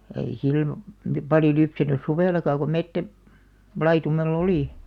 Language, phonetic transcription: Finnish, ei sill(o) , 'paljo lypsänys "suvèlaka ko 'mettä- , '-laitumel"l ‿olì .
- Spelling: ei silloin paljon lypsänyt suvellakaan kun - metsälaitumella oli

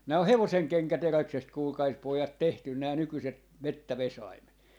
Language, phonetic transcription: Finnish, 'nää oh̆ "hevoseŋkeŋkä'teräksest 'kuulkais 'pòjat 'tehtyn nää 'nykyset , "mettävesaimet .
- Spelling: nämä on hevosenkenkäteräksestä kuulkaa pojat tehty nämä nykyiset metsävesaimet

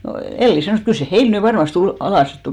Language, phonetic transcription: Finnish, (no,) "Elli 'sanòs 'kyl se "heil ny 'varmaste ul- , 'alàs sit 'tulì .
- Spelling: no, Elli sanoi kyllä se heillä nyt varmasti - alas sitten tuli

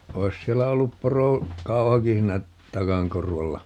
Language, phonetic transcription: Finnish, 'oi̮s 'siellä 'ollup 'poro- , "-kauhaki hiinä , "takaŋ 'korvalla .
- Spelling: olisi siellä ollut - porokauhakin siinä takan korvalla

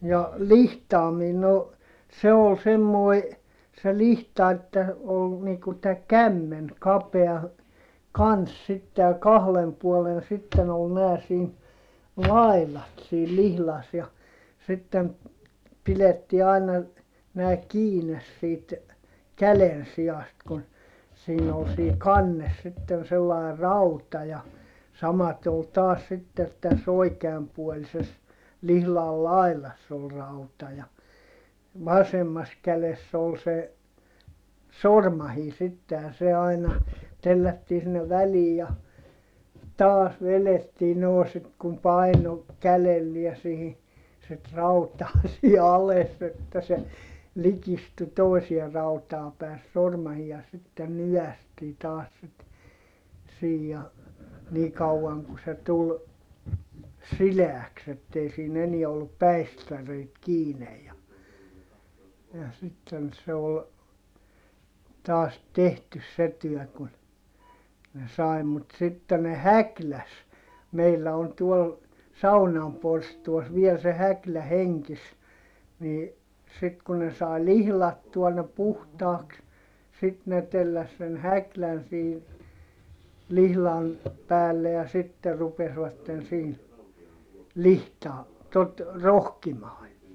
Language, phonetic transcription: Finnish, ja , lihtaamiin no , se ol semmoi , se lihta että , ol , niiŋ ku tä kämmen , kapea , kans sitte ja kahlem puolen sitten ‿ol neä siin , lailat siil lihlas ja , sittem , pilettii aina , nää kiines siit , kälensiʲast kun , siin ‿ol sii kannes sitten sellài̮ rauta ja , samate ol taas sittet täs ‿oikeampuolises , lihlal lailass ‿ol rauta ja , vasemmas käless ‿ol se , sormahii sitte ja se aina , tellättii sinnev välii ja , taas velettii noo sit kum paino , kälelliä sihi , sit rautaa sii ales että se , likistu tòisie rautaa pä̀e se sormahii ja sitten ny₍ästii taas sit , siij ja , nii kau₍aŋ ku se tul , sileäks ‿ettei siin ‿eniɛ ollup päistäreit kiinej ja , ja sitten se ol , taas tehtys se tyɔ̈̀ kun , ne sài̮(.) mut sitte ne häkläs , meillä on tuol , saunam porstuas viel se häklä heŋkis , nii , sit ku ne sài lihlattua ne puhtaaks , sit ne telläs sen häklän sii , lihlan , päälle ja sitte rupesvatten siin , lihtaa- , tot , rohkimaa ja ,.
- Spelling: ja lihtaaminen no se oli semmoinen se lihta että oli niin kuin tämä kämmen kapea kanssa sitten ja kahden puolen sitten oli nämä siinä laidat siinä lihdassa ja sitten pidettiin aina nämä kiinni siitä kädensijasta kun siinä oli siinä kannessa sitten sellainen rauta ja samaten oli taas sitten tässä oikeanpuolisessa lihdan laidassa oli rauta ja vasemmassa kädessä oli se sormainen sitten ja se aina tellättiin sinne väliin ja taas vedettiin no sitten kun painoi kädellä siihen sitten rautaa siinä alas että se likistyi toiseen rautaan päin se sormainen ja sitten nykäistiin taas sitten siinä ja niin kauan kuin se tuli sileäksi että ei siinä enää ollut päistäreitä kiinni ja ja sitten se oli taas tehty se työ kun ne sai mutta sitten ne häkläsi meillä on tuolla saunan porstuassa vielä se häklä hengissä niin sitten kun ne sai lihdattua ne puhtaaksi sitten ne telläsi sen häklän siinä lihdan päälle ja sitten rupesivat siinä - tuota rohkimaan ja

